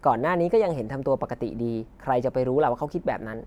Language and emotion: Thai, neutral